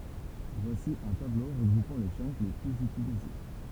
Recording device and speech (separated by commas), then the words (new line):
temple vibration pickup, read sentence
Voici un tableau regroupant les chunks les plus utilisés.